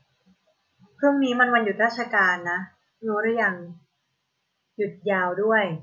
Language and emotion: Thai, neutral